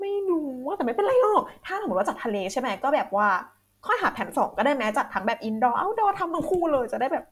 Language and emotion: Thai, happy